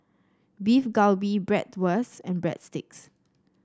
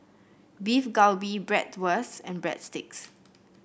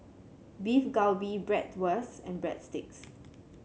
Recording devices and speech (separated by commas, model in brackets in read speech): standing microphone (AKG C214), boundary microphone (BM630), mobile phone (Samsung C7), read sentence